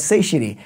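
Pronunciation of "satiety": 'satiety' is pronounced incorrectly here.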